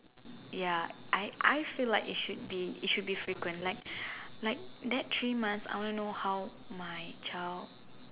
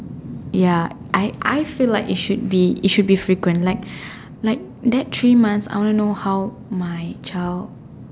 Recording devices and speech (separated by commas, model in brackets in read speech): telephone, standing microphone, conversation in separate rooms